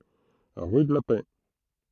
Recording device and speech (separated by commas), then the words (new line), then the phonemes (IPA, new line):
throat microphone, read sentence
Rue de la Paix.
ʁy də la pɛ